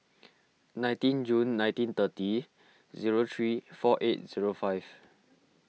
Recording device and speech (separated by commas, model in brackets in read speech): mobile phone (iPhone 6), read sentence